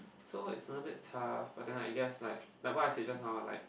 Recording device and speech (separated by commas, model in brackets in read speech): boundary microphone, conversation in the same room